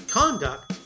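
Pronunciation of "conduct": In 'conduct', the stress is on the first syllable.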